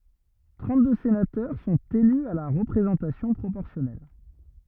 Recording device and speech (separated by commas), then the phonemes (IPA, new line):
rigid in-ear microphone, read sentence
tʁɑ̃tdø senatœʁ sɔ̃t ely a la ʁəpʁezɑ̃tasjɔ̃ pʁopɔʁsjɔnɛl